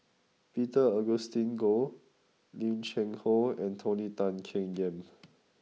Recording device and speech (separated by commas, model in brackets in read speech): mobile phone (iPhone 6), read sentence